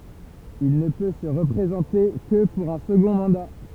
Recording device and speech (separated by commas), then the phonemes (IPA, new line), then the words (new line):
temple vibration pickup, read sentence
il nə pø sə ʁəpʁezɑ̃te kə puʁ œ̃ səɡɔ̃ mɑ̃da
Il ne peut se représenter que pour un second mandat.